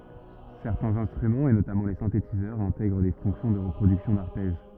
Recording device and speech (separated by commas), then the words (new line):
rigid in-ear microphone, read sentence
Certains instruments et notamment les synthétiseurs intègrent des fonctions de reproduction d'arpèges.